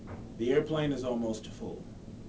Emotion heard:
neutral